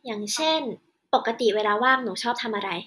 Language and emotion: Thai, neutral